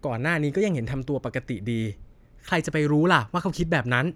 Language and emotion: Thai, frustrated